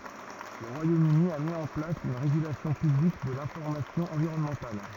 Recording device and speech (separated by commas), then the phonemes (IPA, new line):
rigid in-ear microphone, read sentence
lə ʁwajom yni a mi ɑ̃ plas yn ʁeɡylasjɔ̃ pyblik də lɛ̃fɔʁmasjɔ̃ ɑ̃viʁɔnmɑ̃tal